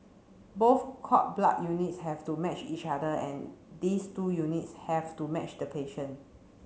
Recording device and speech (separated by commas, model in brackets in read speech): mobile phone (Samsung C7), read sentence